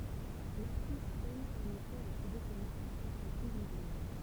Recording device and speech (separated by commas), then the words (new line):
temple vibration pickup, read sentence
L'actrice peine en effet à trouver ses marques sans son pygmalion.